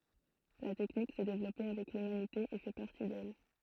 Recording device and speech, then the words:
throat microphone, read sentence
La technique s'est développée avec l'humanité et fait partie d'elle.

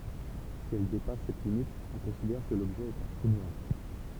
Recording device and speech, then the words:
temple vibration pickup, read sentence
Si elle dépasse cette limite, on considère que l’objet est un trou noir.

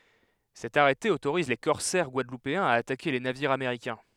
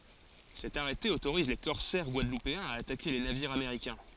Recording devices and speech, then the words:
headset microphone, forehead accelerometer, read sentence
Cet arrêté autorise les corsaires guadeloupéens à attaquer les navires américains.

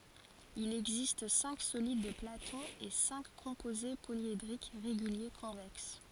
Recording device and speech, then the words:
forehead accelerometer, read sentence
Il existe cinq solides de Platon et cinq composés polyédriques réguliers convexes.

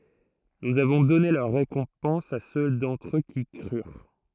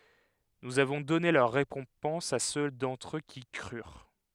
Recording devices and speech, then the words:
throat microphone, headset microphone, read sentence
Nous avons donné leur récompense à ceux d’entre eux qui crurent.

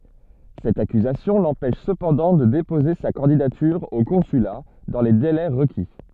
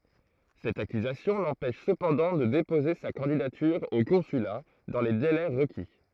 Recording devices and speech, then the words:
soft in-ear microphone, throat microphone, read sentence
Cette accusation l'empêche cependant de déposer sa candidature au consulat dans les délais requis.

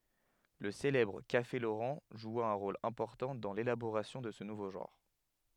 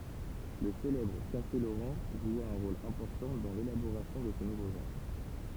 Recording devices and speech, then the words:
headset microphone, temple vibration pickup, read sentence
Le célèbre Café Laurent joua un rôle important dans l'élaboration de ce nouveau genre.

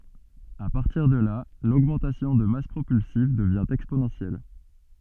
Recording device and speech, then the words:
soft in-ear microphone, read sentence
À partir de là, l'augmentation de masse propulsive devient exponentielle.

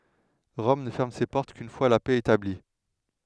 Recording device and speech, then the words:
headset microphone, read sentence
Rome ne ferme ses portes qu'une fois la paix établie.

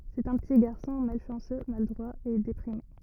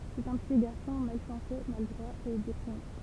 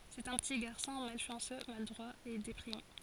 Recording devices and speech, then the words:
rigid in-ear microphone, temple vibration pickup, forehead accelerometer, read sentence
C'est un petit garçon malchanceux, maladroit et déprimé.

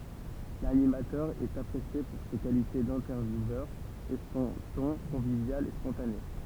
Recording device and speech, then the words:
temple vibration pickup, read sentence
L'animateur est apprécié pour ses qualités d'intervieweur, et son ton convivial et spontané.

